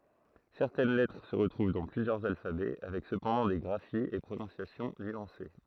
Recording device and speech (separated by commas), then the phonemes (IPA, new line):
throat microphone, read sentence
sɛʁtɛn lɛtʁ sə ʁətʁuv dɑ̃ plyzjœʁz alfabɛ avɛk səpɑ̃dɑ̃ de ɡʁafiz e pʁonɔ̃sjasjɔ̃ nyɑ̃se